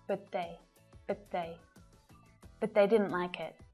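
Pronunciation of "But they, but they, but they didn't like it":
'But' is unstressed in 'but they', so it is not said with its full stressed pronunciation.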